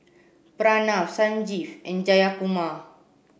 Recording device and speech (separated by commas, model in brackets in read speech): boundary microphone (BM630), read sentence